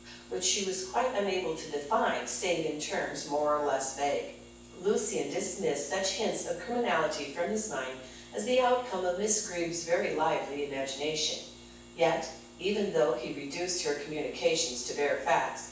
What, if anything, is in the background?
Nothing.